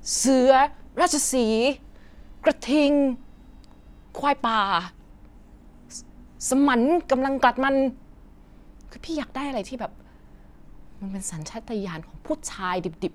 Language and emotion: Thai, frustrated